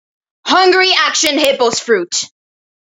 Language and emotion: English, sad